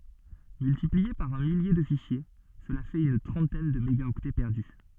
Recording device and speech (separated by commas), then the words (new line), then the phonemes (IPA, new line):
soft in-ear microphone, read sentence
Multiplié par un millier de fichiers, cela fait une trentaine de mégaoctets perdus.
myltiplie paʁ œ̃ milje də fiʃje səla fɛt yn tʁɑ̃tɛn də meɡaɔktɛ pɛʁdy